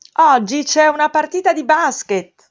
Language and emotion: Italian, happy